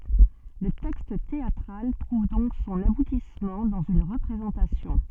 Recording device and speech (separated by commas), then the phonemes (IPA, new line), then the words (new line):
soft in-ear microphone, read sentence
lə tɛkst teatʁal tʁuv dɔ̃k sɔ̃n abutismɑ̃ dɑ̃z yn ʁəpʁezɑ̃tasjɔ̃
Le texte théâtral trouve donc son aboutissement dans une représentation.